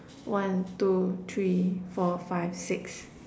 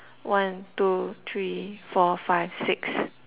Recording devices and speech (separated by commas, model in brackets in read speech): standing microphone, telephone, conversation in separate rooms